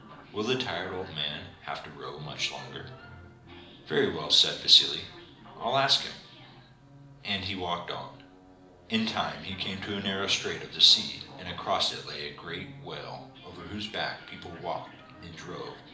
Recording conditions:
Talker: one person; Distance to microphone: 2.0 m; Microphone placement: close; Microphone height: 99 cm; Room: medium-sized (5.7 m by 4.0 m); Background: television

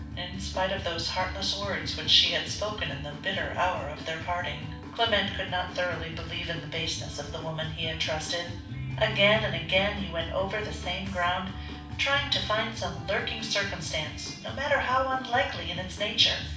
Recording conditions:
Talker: one person; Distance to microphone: 5.8 m; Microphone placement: far; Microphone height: 1.8 m; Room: medium-sized (5.7 m by 4.0 m); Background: music

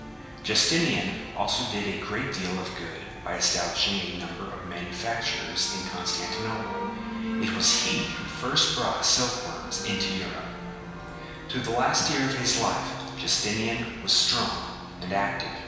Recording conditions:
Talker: one person; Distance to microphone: 1.7 m; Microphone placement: close; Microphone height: 1.0 m; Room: very reverberant, large; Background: music

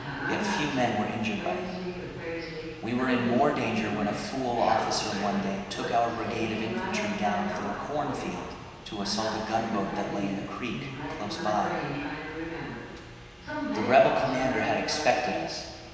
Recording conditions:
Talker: one person; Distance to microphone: 1.7 m; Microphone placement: close; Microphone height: 1.0 m; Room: very reverberant, large; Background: television

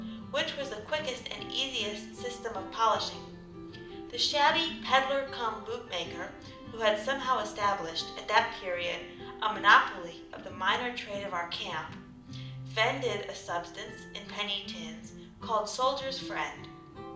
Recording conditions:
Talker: one person; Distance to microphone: 2.0 m; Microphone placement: close; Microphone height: 99 cm; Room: medium-sized (5.7 m by 4.0 m); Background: music

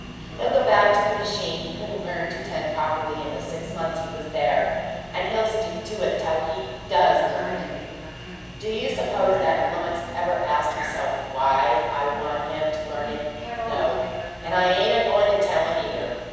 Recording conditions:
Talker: one person; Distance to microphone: 7.1 m; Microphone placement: far; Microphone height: 1.7 m; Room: very reverberant, large; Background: television

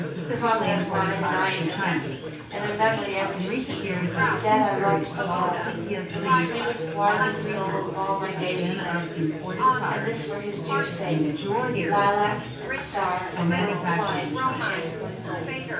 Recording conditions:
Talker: one person; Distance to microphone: 9.8 m; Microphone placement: far; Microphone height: 1.8 m; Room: large; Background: babble

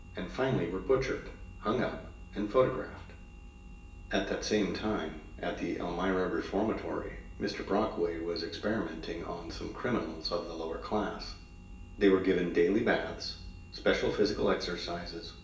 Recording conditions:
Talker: one person; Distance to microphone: 1.8 m; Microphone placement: close; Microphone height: 1.0 m; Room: large; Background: none

